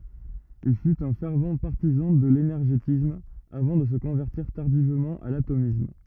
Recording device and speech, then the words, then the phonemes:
rigid in-ear microphone, read sentence
Il fut un fervent partisan de l'énergétisme, avant de se convertir tardivement à l'atomisme.
il fyt œ̃ fɛʁv paʁtizɑ̃ də lenɛʁʒetism avɑ̃ də sə kɔ̃vɛʁtiʁ taʁdivmɑ̃ a latomism

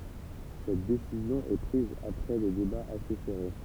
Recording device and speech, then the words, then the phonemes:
temple vibration pickup, read sentence
Cette décision est prise après des débats assez serrés.
sɛt desizjɔ̃ ɛ pʁiz apʁɛ de debaz ase sɛʁe

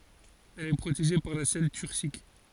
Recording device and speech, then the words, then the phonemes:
forehead accelerometer, read sentence
Elle est protégée par la selle turcique.
ɛl ɛ pʁoteʒe paʁ la sɛl tyʁsik

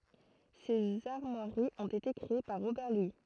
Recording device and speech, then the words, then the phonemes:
throat microphone, read sentence
Ces armoiries ont été créées par Robert Louis.
sez aʁmwaʁiz ɔ̃t ete kʁee paʁ ʁobɛʁ lwi

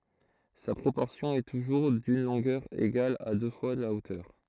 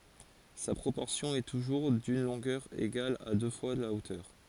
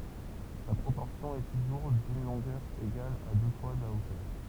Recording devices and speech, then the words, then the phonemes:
throat microphone, forehead accelerometer, temple vibration pickup, read sentence
Sa proportion est toujours d'une longueur égale à deux fois la hauteur.
sa pʁopɔʁsjɔ̃ ɛ tuʒuʁ dyn lɔ̃ɡœʁ eɡal a dø fwa la otœʁ

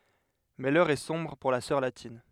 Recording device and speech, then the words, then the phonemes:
headset microphone, read sentence
Mais l'heure est sombre pour la sœur latine.
mɛ lœʁ ɛ sɔ̃bʁ puʁ la sœʁ latin

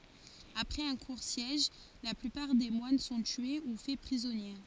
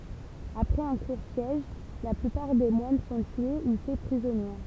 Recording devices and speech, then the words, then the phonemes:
forehead accelerometer, temple vibration pickup, read sentence
Après un court siège, la plupart des moines sont tués ou faits prisonniers.
apʁɛz œ̃ kuʁ sjɛʒ la plypaʁ de mwan sɔ̃ tye u fɛ pʁizɔnje

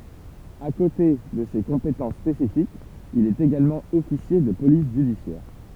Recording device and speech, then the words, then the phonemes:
temple vibration pickup, read sentence
À côté de ces compétences spécifiques, il est également officier de police judiciaire.
a kote də se kɔ̃petɑ̃s spesifikz il ɛt eɡalmɑ̃ ɔfisje də polis ʒydisjɛʁ

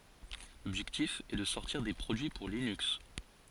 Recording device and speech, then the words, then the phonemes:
forehead accelerometer, read sentence
L'objectif est de sortir des produits pour Linux.
lɔbʒɛktif ɛ də sɔʁtiʁ de pʁodyi puʁ linyks

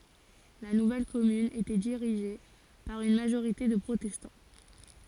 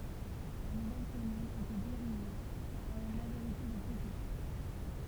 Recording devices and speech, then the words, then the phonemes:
forehead accelerometer, temple vibration pickup, read sentence
La nouvelle commune était dirigée par une majorité de protestants.
la nuvɛl kɔmyn etɛ diʁiʒe paʁ yn maʒoʁite də pʁotɛstɑ̃

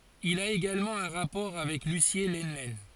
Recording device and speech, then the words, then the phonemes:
forehead accelerometer, read sentence
Il a également un rapport avec Lucié Lenlen.
il a eɡalmɑ̃ œ̃ ʁapɔʁ avɛk lysje lənlɛn

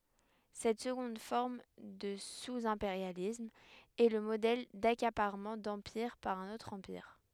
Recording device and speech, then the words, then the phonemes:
headset microphone, read sentence
Cette seconde forme de sous-impérialisme est le modèle d'accaparement d'empire par un autre empire.
sɛt səɡɔ̃d fɔʁm də suzɛ̃peʁjalism ɛ lə modɛl dakapaʁmɑ̃ dɑ̃piʁ paʁ œ̃n otʁ ɑ̃piʁ

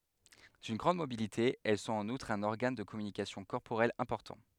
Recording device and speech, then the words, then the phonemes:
headset microphone, read sentence
D’une grande mobilité, elles sont en outre un organe de communication corporelle important.
dyn ɡʁɑ̃d mobilite ɛl sɔ̃t ɑ̃n utʁ œ̃n ɔʁɡan də kɔmynikasjɔ̃ kɔʁpoʁɛl ɛ̃pɔʁtɑ̃

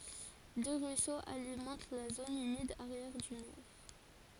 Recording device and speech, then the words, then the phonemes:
forehead accelerometer, read sentence
Deux ruisseaux alimentent la zone humide arrière-dunaire.
dø ʁyisoz alimɑ̃t la zon ymid aʁjɛʁ dynɛʁ

